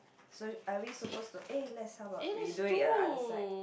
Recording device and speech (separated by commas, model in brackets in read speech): boundary microphone, conversation in the same room